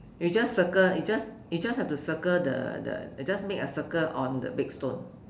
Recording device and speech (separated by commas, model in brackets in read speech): standing microphone, conversation in separate rooms